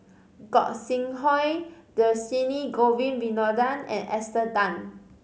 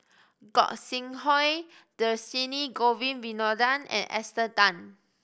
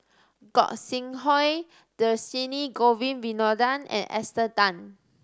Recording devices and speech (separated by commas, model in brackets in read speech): mobile phone (Samsung C5010), boundary microphone (BM630), standing microphone (AKG C214), read sentence